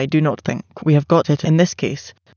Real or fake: fake